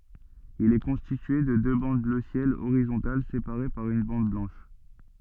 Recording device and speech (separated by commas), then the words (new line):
soft in-ear microphone, read sentence
Il est constitué de deux bandes bleu ciel horizontales séparées par une bande blanche.